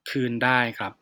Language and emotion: Thai, neutral